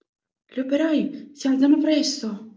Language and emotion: Italian, surprised